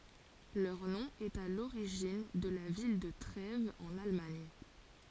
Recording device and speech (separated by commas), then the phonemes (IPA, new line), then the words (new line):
forehead accelerometer, read sentence
lœʁ nɔ̃ ɛt a loʁiʒin də la vil də tʁɛvz ɑ̃n almaɲ
Leur nom est à l'origine de la ville de Trèves en Allemagne.